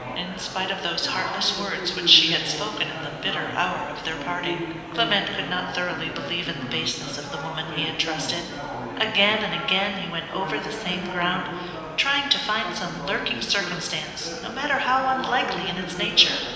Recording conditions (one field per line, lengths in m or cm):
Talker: one person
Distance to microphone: 1.7 m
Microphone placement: close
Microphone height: 1.0 m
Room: very reverberant, large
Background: babble